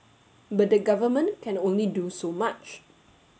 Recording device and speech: mobile phone (Samsung S8), read sentence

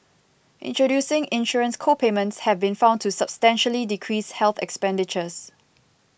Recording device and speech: boundary microphone (BM630), read sentence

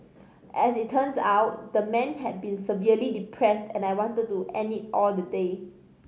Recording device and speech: mobile phone (Samsung C5010), read sentence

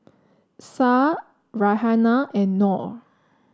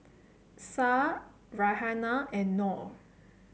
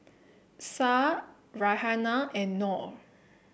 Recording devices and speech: standing microphone (AKG C214), mobile phone (Samsung C7), boundary microphone (BM630), read sentence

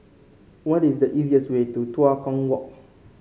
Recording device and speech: mobile phone (Samsung C5), read sentence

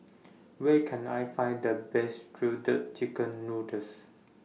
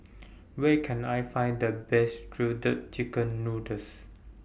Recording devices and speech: mobile phone (iPhone 6), boundary microphone (BM630), read sentence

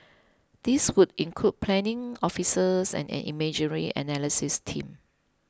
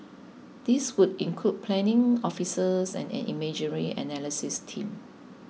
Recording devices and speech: close-talking microphone (WH20), mobile phone (iPhone 6), read sentence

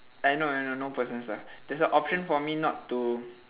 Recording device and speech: telephone, conversation in separate rooms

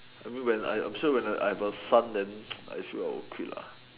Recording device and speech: telephone, conversation in separate rooms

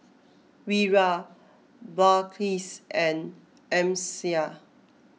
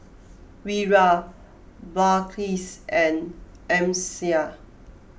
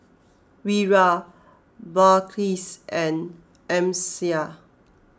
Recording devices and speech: mobile phone (iPhone 6), boundary microphone (BM630), close-talking microphone (WH20), read sentence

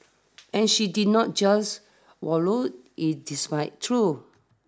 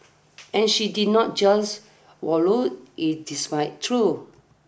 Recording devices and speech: standing microphone (AKG C214), boundary microphone (BM630), read sentence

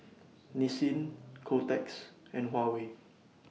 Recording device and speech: mobile phone (iPhone 6), read sentence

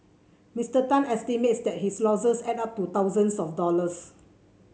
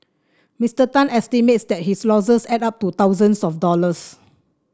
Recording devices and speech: mobile phone (Samsung C7), standing microphone (AKG C214), read sentence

